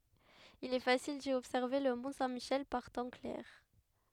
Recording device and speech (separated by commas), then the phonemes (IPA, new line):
headset microphone, read sentence
il ɛ fasil di ɔbsɛʁve lə mɔ̃ sɛ̃ miʃɛl paʁ tɑ̃ klɛʁ